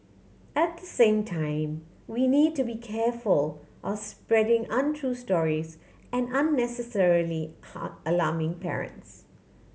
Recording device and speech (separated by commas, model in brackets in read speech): mobile phone (Samsung C7100), read sentence